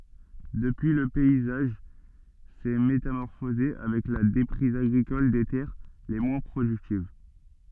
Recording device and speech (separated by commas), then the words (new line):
soft in-ear microphone, read sentence
Depuis, le paysage s'est métamorphosé avec la déprise agricole des terres les moins productives.